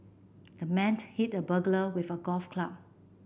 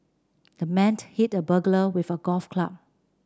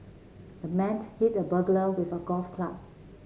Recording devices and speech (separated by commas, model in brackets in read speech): boundary microphone (BM630), standing microphone (AKG C214), mobile phone (Samsung C7), read sentence